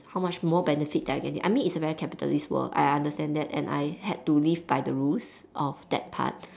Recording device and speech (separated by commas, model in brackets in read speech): standing microphone, conversation in separate rooms